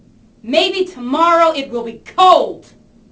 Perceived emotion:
angry